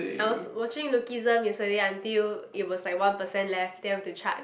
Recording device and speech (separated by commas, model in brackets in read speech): boundary microphone, conversation in the same room